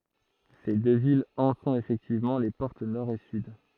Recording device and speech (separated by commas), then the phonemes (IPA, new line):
throat microphone, read sentence
se dø vilz ɑ̃ sɔ̃t efɛktivmɑ̃ le pɔʁt nɔʁ e syd